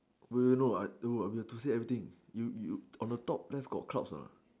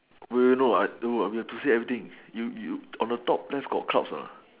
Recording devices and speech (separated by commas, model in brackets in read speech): standing microphone, telephone, conversation in separate rooms